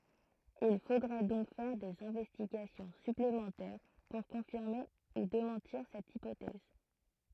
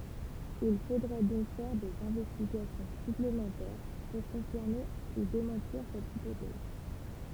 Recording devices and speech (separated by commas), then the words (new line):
throat microphone, temple vibration pickup, read sentence
Il faudrait donc faire des investigations supplémentaires pour confirmer ou démentir cette hypothèse.